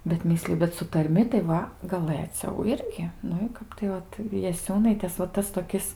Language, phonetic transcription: Lithuanian, bet ˈmisliju bet su tarˈmi tai ˈva gaˈlɘciau ˈirgi ˈnu i ˈkap tai ˈvat jaˈsiūnaitės va ˈtas toˈkis

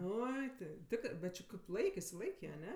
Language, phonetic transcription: Lithuanian, ˈoi ti ˈtikrɜ bet či kaip ˈlaik išsiˈlaikė aˈne

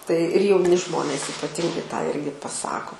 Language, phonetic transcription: Lithuanian, tai ir jauˈni ˈžmonės ypaˈtingai tą ˈirgi paˈsako

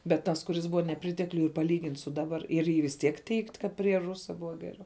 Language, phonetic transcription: Lithuanian, bet ˈtas kuˈris ˈbuva neˈpritekliuj ir paˈlygint' su ˈdabar ir ˈy vis ˈtiek teigt' ˈkad prie ˈrusa ˈbuva ˈgeriau

